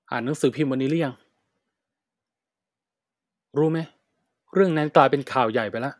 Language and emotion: Thai, frustrated